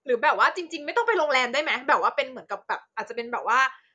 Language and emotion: Thai, frustrated